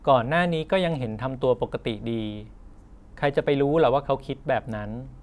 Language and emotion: Thai, neutral